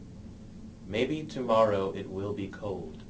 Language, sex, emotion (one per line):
English
male
neutral